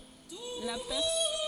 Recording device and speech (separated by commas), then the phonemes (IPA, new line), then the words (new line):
forehead accelerometer, read sentence
la pɛʁ
La pers.